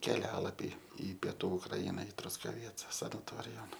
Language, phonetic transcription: Lithuanian, keˈlialapį i pieˈtų ukˈraina i truskaˈvieca sanaˈtorijon

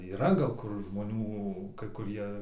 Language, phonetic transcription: Lithuanian, yˈra gal ˈkur žmoˈnių kai kuˈrie

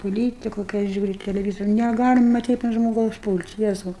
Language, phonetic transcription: Lithuanian, poˈlytiku kai ˈaš ˈžiūriu teleˈvyz neˈgalima ˈtaip ant žmoˈgaus ˈpūl't' ˈjezau

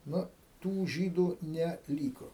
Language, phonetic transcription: Lithuanian, ˈnu ˈtų ˈžydų ne ˈlyko

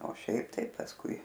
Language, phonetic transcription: Lithuanian, o ˈšiaip tai pasˈkui

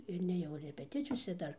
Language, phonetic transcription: Lithuanian, ir nėˈjau repeˈticijose ˈdar

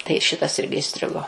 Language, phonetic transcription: Lithuanian, tai ˈšitas ˈirgi iˈstrigo

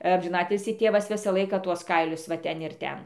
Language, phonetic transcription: Lithuanian, amžiˈnatilsį ˈtėvas ˈvisą ˈlaiką ˈtuos ˈkailius va ˈten ir ˈten

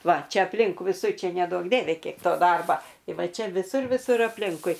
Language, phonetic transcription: Lithuanian, ˈva ˈčia apˈlink viˈsur ˈčia neˈduok ˈdieve ˈkiek ˈto ˈdarba i ˈva ˈčia viˈsur viˈsur apˈlinkui

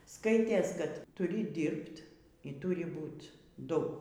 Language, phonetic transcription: Lithuanian, ˈskaitės kad tuˈri ˈdirbt y ˈturi ˈbūt ˈdu

